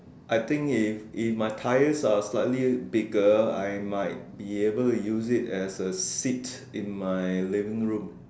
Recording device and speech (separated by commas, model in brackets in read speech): standing microphone, conversation in separate rooms